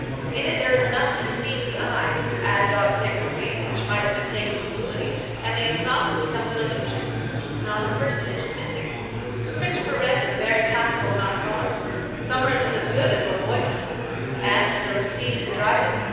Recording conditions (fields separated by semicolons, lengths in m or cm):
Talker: one person; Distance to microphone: 7.1 m; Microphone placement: far; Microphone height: 1.7 m; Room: very reverberant, large; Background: babble